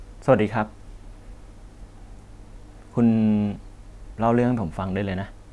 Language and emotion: Thai, neutral